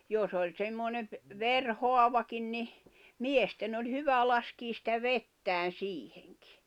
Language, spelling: Finnish, jos oli semmoinen - verihaavakin niin miesten oli hyvä laskea sitä vettä siihenkin
- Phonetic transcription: 'jos ‿oĺ 'ᵗsemmonem ‿p- , 'ver"hoavakin ni , "miesten ‿oĺ 'hyvä laskiis sⁱtä "vettään̬ 'siiheŋkɪ .

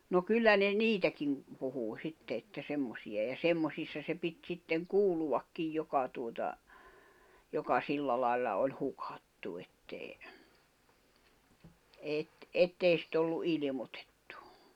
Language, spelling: Finnish, no kyllä ne niitäkin puhuu sitten että semmoisia ja semmoisissa se piti sitten kuuluakin joka tuota joka sillä lailla oli hukattu että ei - että ei sitä ollut ilmoitettu
- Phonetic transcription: no 'kyllä ne "niitäkiŋ , 'puhuu 'sitte että 'semmosi₍a ja "semmosissa se pit 'sitteŋ "kuuluʷakkij 'joka tuota , joka 'silla lai̬lla oĺ 'hukattu ettèi , eet- , 'ettei sit ‿ollu '’ilⁱmotᴇttᴜ .

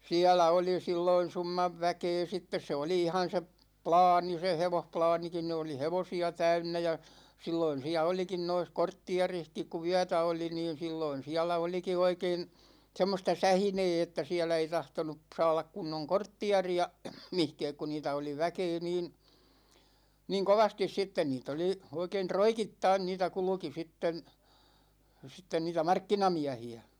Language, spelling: Finnish, siellä oli silloin summan väkeä sitten se oli ihan se - plaani se hevosplaanikin niin oli hevosia täynnä ja silloin siellä olikin noissa kortteerissakin kun yötä oli niin silloin siellä olikin oikein semmoista sähinää että siellä ei tahtonut saada kunnon kortteeria mihinkään kun niitä oli väkeä niin niin kovasti sitten niitä oli oikein roikittain niitä kulki sitten sitten niitä markkinamiehiä
- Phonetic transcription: siälä 'oli 'silloin̬ 'summav 'väkee 'sittes 'se oli 'ihan̬ se p- , "plaani se 'hevohplaanikin ni oli "hevosi₍a 'täynnä ja , 'silloin siä 'olikin nois 'korttiarihkik ku "yätä oli niin̬ 'silloin 'siɛlä 'oliki 'oikein , 'semmosta "sähinee että 'siɛlä ei 'tahtonup̳§ 'saalak kunnoŋ "korttiari₍a , 'mihkɛɛk ku 'niitä oli "väkee niin̬ , niŋ 'kovastis 'sitten 'niit ‿oli , 'oikein "troikittain 'niitä 'kulᵘki 'sitten , 'sitten niitä "markkinamiähi₍ä .

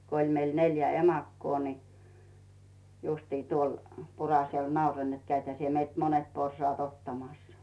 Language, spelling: Finnish, kun oli meillä neljä emakkoa niin justiin tuolle Puraselle nauroin että kävithän sinä meiltä monet porsaat ottamassa
- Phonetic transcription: 'ko ‿iĺ meil 'neljä "emakkoo ni , justii tuol , 'Purasel "nauroⁱn net » 'käithä sie meilt 'monet 'porsᵒàt 'ottamassᴀ « .

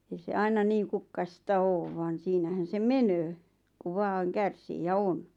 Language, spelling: Finnish, ei se aina niin kukkaista ole vaan siinähän se menee kun vain kärsii ja on
- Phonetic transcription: ei se 'aina niiŋ 'kukkaʿⁱʾsta "oov vaan̬ 'siinähän se "menöö , ku 'vaaŋ 'kärsii ja "on .

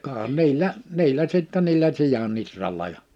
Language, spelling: Finnish, ka niillä niillä sitten niillä sian ihralla ja
- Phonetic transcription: kaa 'niillä , 'niillä sittɛ niillä 'sija'n ‿itralla jᴀ ,.

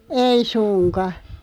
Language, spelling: Finnish, ei suinkaan
- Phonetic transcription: ei 'suŋka .

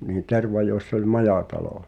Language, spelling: Finnish, niin Tervajoissa oli majatalo
- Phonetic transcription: nii 'Tervajoiss ‿ol "majatalò .

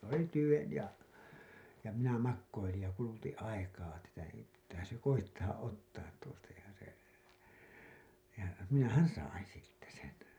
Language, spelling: Finnish, se oli tyven ja ja minä makoilin ja kulutin aikaa tätä ei pitäähän se koettaa ottaa tuosta ja se ja minähän sain siitä sen
- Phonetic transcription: s ‿oli "tyven ja , ja minä 'makkoilij ja kulutiḭ 'aikaa tätä ei , pittäähää̰ se "koittaa '’ottaat tuosta ja se , ja 'minähän̬ "sain̬ siittä sen̬ .

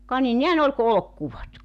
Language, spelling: Finnish, ka niin nehän oli kuin olkikuvot
- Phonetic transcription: ka ni 'nehän ‿ol ku "olᵒkkuvot .

